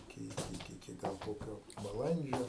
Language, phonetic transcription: Lithuanian, iˈki iˈki iˈki ˈgal ˈkokio baˈlandžio

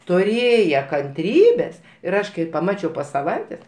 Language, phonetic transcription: Lithuanian, tuˈrėje kanˈtrybės ir ˈaš kai paˈmačiau po saˈvaitės

